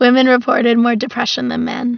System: none